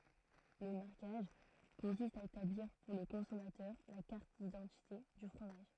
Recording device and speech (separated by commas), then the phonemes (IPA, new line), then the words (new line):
throat microphone, read sentence
lə maʁkaʒ kɔ̃sist a etabliʁ puʁ lə kɔ̃sɔmatœʁ la kaʁt didɑ̃tite dy fʁomaʒ
Le marquage consiste à établir pour le consommateur la carte d’identité du fromage.